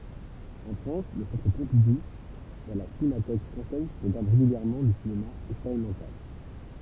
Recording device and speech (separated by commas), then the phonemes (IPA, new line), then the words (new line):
temple vibration pickup, read sentence
ɑ̃ fʁɑ̃s lə sɑ̃tʁ pɔ̃pidu e la sinematɛk fʁɑ̃sɛz pʁɔɡʁamɑ̃ ʁeɡyljɛʁmɑ̃ dy sinema ɛkspeʁimɑ̃tal
En France le Centre Pompidou et la Cinémathèque française programment régulièrement du cinéma expérimental.